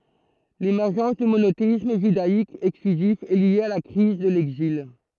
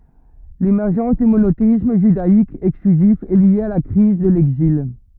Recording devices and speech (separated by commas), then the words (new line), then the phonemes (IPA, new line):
throat microphone, rigid in-ear microphone, read sentence
L'émergence du monothéisme judaïque exclusif est lié à la crise de l'Exil.
lemɛʁʒɑ̃s dy monoteism ʒydaik ɛksklyzif ɛ lje a la kʁiz də lɛɡzil